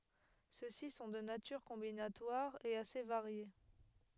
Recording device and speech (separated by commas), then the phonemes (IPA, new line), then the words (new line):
headset microphone, read sentence
søksi sɔ̃ də natyʁ kɔ̃binatwaʁ e ase vaʁje
Ceux-ci sont de nature combinatoire, et assez variés.